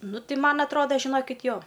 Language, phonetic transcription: Lithuanian, ˈnu ˈti ˈman atˈroda žiˈnokit' ˈjo

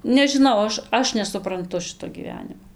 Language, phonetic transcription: Lithuanian, nežiˈnau ˈaš ˈaš nesupranˈtu ˈšɨto gyˈvenimo

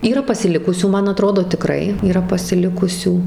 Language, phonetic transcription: Lithuanian, yˈra pasiˈlikusių ˈman aˈtrodo tiˈkrai yˈra pasiˈlikusių

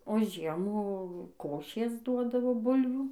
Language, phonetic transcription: Lithuanian, o ˈžiemų ˈkošės ˈduodavo ˈbulvių

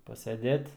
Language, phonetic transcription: Lithuanian, paseˈdėt

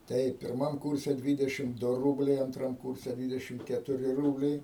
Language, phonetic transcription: Lithuanian, ˈtaip pirˈmam ˈkurse ˈdvydešim ˈdu ˈrūbliai anˈtram ˈkurse ˈdvydešim ketuˈri ˈrūbliai

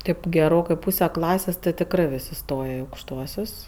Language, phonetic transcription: Lithuanian, ˈtaip geˈrokɜ ˈpūse ˈklasės ti tikˈrɜ ˈvis' iˈstoje i aukšˈtuosius

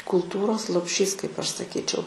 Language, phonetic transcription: Lithuanian, kulˈtūros lopˈšys kaip ˈaš saˈkyčiau

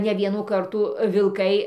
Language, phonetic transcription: Lithuanian, ne ˈvienų ˈkartų vilˈkai

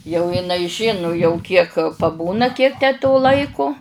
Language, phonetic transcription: Lithuanian, jau iˈnai ˈžinu jau ˈkiek paˈbūna ˈkiek tę to ˈlaiku

